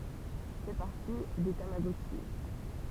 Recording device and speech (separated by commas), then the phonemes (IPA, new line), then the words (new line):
temple vibration pickup, read sentence
fɛ paʁti de tamaɡɔtʃi
Fait partie des tamagotchis.